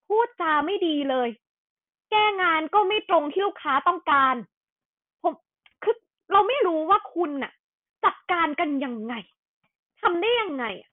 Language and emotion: Thai, angry